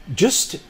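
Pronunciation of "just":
'just' is said in its weak form, with a schwa as the vowel.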